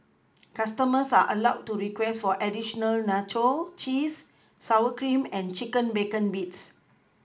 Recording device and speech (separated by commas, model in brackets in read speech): close-talking microphone (WH20), read sentence